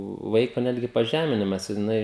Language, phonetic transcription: Lithuanian, ˈvaiko ˈnetgi paˈžeminimas jiˈnai

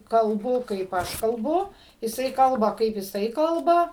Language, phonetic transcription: Lithuanian, kalˈbu kaip ˈaš kalˈbu jiˈsai ˈkalba kaip jiˈsai ˈkalba

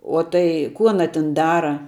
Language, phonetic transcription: Lithuanian, ˈo tai ku ˈana tin ˈdara

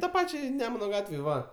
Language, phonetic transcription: Lithuanian, ta ˈpačiai ˈnemuna ˈgatvėj ˈva

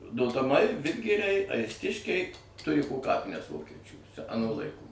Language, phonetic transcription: Lithuanian, dotaˈmai ˈvidgiriai aisˈtiškiai ˈturi po ˈkapines ˈvokečių aˈnų laiˈkų

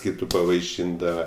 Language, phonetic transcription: Lithuanian, ˈkytu pavaiˈšindava

